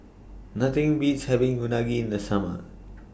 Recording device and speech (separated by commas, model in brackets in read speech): boundary microphone (BM630), read sentence